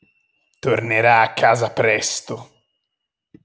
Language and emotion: Italian, angry